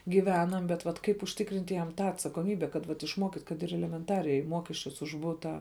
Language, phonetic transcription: Lithuanian, gyˈvenam bet vat ˈkaip užˈtikrint' jam ˈtą atsakoˈmybe kad vat išˈmuokyt' kad ir elemenˈtariai ˈmuokesčius už ˈbutą

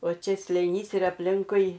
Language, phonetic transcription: Lithuanian, o ˈčia slėˈnys ir apˈlinkui

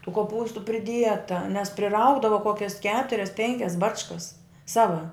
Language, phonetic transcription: Lithuanian, tų koˈpūstu priˈdieta nes priˈraugdava ˈkokias ˈketurias ˈpenkias ˈbačkas ˈsava

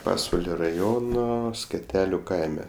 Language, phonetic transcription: Lithuanian, ˈpasvalio raˈjono skeˈteliu ˈkaime

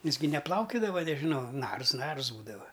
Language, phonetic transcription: Lithuanian, ˈjis gi neˈplaukiudava nežiˈnau ˈnars ˈnars ˈbūdava

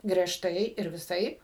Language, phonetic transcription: Lithuanian, griežˈtai ir viˈsaip

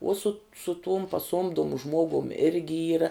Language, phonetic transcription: Lithuanian, uo sut su tum paˈsuomdumu ˈžmuogum ˈirgi ˈyra

